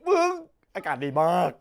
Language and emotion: Thai, happy